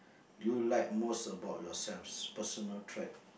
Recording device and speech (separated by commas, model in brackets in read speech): boundary microphone, conversation in the same room